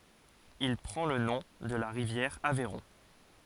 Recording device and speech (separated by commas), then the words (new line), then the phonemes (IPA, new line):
forehead accelerometer, read sentence
Il prend le nom de la rivière Aveyron.
il pʁɑ̃ lə nɔ̃ də la ʁivjɛʁ avɛʁɔ̃